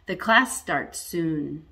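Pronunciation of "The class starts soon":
The voice falls at the end of 'The class starts soon.'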